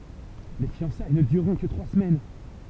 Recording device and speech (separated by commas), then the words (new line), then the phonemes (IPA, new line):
temple vibration pickup, read sentence
Les fiançailles ne dureront que trois semaines.
le fjɑ̃saj nə dyʁʁɔ̃ kə tʁwa səmɛn